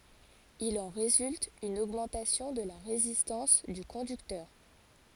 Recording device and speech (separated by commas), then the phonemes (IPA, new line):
forehead accelerometer, read sentence
il ɑ̃ ʁezylt yn oɡmɑ̃tasjɔ̃ də la ʁezistɑ̃s dy kɔ̃dyktœʁ